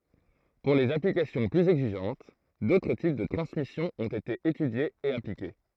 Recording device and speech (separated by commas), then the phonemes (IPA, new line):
throat microphone, read sentence
puʁ lez aplikasjɔ̃ plyz ɛɡziʒɑ̃t dotʁ tip də tʁɑ̃smisjɔ̃ ɔ̃t ete etydjez e aplike